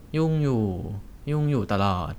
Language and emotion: Thai, frustrated